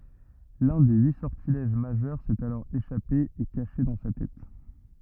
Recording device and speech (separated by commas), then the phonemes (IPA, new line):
rigid in-ear microphone, read sentence
lœ̃ de yi sɔʁtilɛʒ maʒœʁ sɛt alɔʁ eʃape e kaʃe dɑ̃ sa tɛt